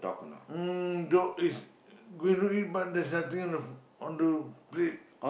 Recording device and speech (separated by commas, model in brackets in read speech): boundary microphone, conversation in the same room